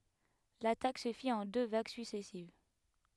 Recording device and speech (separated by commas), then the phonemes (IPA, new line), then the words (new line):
headset microphone, read sentence
latak sə fit ɑ̃ dø vaɡ syksɛsiv
L'attaque se fit en deux vagues successives.